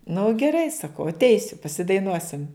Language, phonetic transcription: Lithuanian, nu geˈrai saˈkau atˈeisiu pasidaiˈnuosim

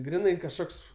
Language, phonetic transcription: Lithuanian, ˈgrinai kažˈkoks

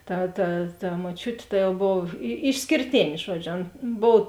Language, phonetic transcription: Lithuanian, ˈta ta ta moˈčiutė ˈta jau ˈbov i išskėrˈtėn' ˈžuodžiu ˈan ˈbov

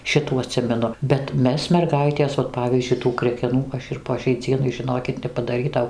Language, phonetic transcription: Lithuanian, ˈšitų aˈtsimenu bet ˈmes merˈgaitės vat ˈpavyzdžiui tų krekeˈnų ˈaš ir po šiai ˈdzienai žiˈnokit nepadaˈrytau

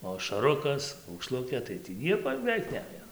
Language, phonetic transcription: Lithuanian, o ašaˈrukas aukˈšlukė tai tį ˈnieko jau beˈveik ˈnejo

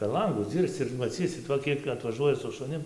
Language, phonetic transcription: Lithuanian, per ˈlangus ˈdzyrsc ir maˈcysit ˈva ˈkiek atvaˈžuoja su šuˈnim

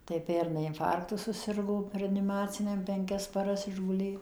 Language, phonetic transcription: Lithuanian, tai ˈpernai inˈfarktu suˈsirgo reaniˈmaciniam penˈkias paˈras išguˈlė

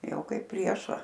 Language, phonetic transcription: Lithuanian, ˈjau ˈkaip ˈprieša

